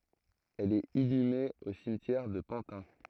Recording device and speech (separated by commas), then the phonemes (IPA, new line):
throat microphone, read sentence
ɛl ɛt inyme o simtjɛʁ də pɑ̃tɛ̃